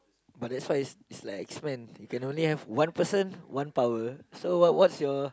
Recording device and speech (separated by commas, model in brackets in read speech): close-talking microphone, conversation in the same room